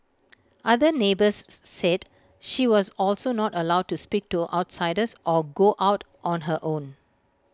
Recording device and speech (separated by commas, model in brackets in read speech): close-talking microphone (WH20), read sentence